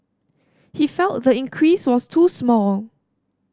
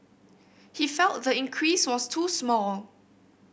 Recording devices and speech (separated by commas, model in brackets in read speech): standing microphone (AKG C214), boundary microphone (BM630), read sentence